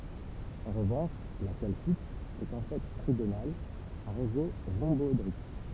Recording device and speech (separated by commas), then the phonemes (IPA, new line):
temple vibration pickup, read sentence
ɑ̃ ʁəvɑ̃ʃ la kalsit ɛt ɑ̃ fɛ tʁiɡonal a ʁezo ʁɔ̃bɔedʁik